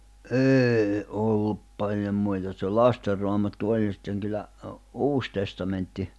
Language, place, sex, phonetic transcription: Finnish, Jämsä, male, 'eei 'ollup 'paljom muita ᵗse 'Laster Roamattu 'oĺ ja sⁱtteŋ kyllä , 'Uus Testamentti .
- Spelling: ei ollut paljon muita se Lasten Raamattu oli ja sitten kyllä Uusi Testamentti

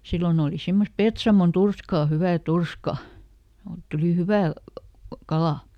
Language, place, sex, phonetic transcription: Finnish, Lieto, female, ˈsillon ‿ooli ˈsimmosᵗ "Petsamon "turskà ˈhyvä̀ "turska , oot ˈtulì "hyvä̀ , ˈkalà .
- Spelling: silloin oli semmoista Petsamon turskaa hyvää turskaa oot tuli hyvä kala

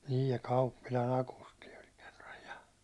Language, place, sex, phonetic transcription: Finnish, Hollola, male, 'niij ja "Kauppila"n ‿akusti oĺ kᴇʀʀᴀᴊ ᴊᴀ .
- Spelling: niin ja Kauppilan Akusti oli kerran ja

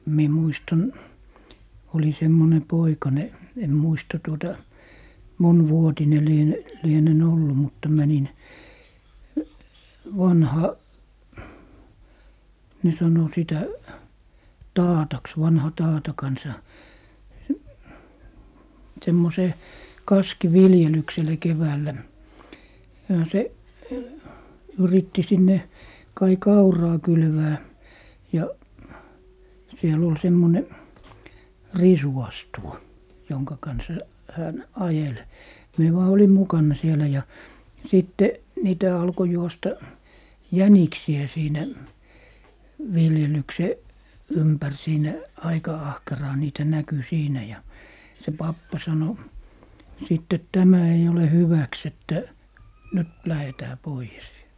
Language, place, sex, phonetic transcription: Finnish, Lappee, male, mie 'muistan , oli 'semmone "poikane , 'en "muista tuota , "mon'vuotine 'liene- , 'lienen "ollu mutta 'mänin , 'vanha , ne sano sitä "taataks , 'vanha "taata 'kansa , 'semmosee , "kaski'viljelyksele 'keväällä , ja se , 'yritti 'sinne 'kai "kauraa 'kylvää , ja , 'siel ‿ol semmone , "risuastuwa , 'joŋka kansa , 'hän , 'ajel , 'mie vaa 'olim "mukanna sielä ja , 'sitte , 'niitä alko juosta , "jäniksi₍ä 'siinä , 'viljelykse , "ympär 'siinä , 'aika 'ahkeraa niitä 'näky 'siinä , ja , se 'pappa 'sano , sitte » "tämä 'ei 'ole "hyväks ‿että , 'nyt "lähetää 'poijes » .
- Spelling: minä muistan olin semmoinen poikanen en muista tuota monivuotinen - lienen ollut mutta menin vanha ne sanoi sitä taataksi vanhan taatan kanssa semmoiseen kaskiviljelykselle keväällä ja se yritti sinne kai kauraa kylvää ja siellä oli semmoinen risuastuva jonka kanssa hän ajeli minä vain olin mukana siellä ja sitten niitä alkoi juosta jäniksiä siinä viljelyksen ympäri siinä aika ahkeraan niitä näkyi siinä ja se pappa sanoi sitten tämä ei ole hyväksi että nyt lähdetään pois

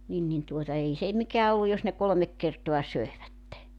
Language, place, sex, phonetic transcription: Finnish, Joutsa, female, nin nin tuota 'ei se , 'mikää olluj jos ne 'kolᵒmek kertoa 'söevätte .
- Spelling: niin niin tuota ei se mikään ollut jos ne kolme kertaa söivät

